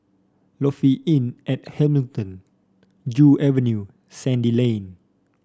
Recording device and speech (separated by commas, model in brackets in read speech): standing microphone (AKG C214), read sentence